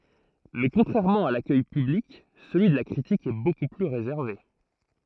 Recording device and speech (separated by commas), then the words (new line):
throat microphone, read sentence
Mais contrairement à l'accueil public, celui de la critique est beaucoup plus réservé.